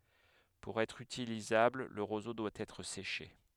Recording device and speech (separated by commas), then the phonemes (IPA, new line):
headset microphone, read sentence
puʁ ɛtʁ ytilizabl lə ʁozo dwa ɛtʁ seʃe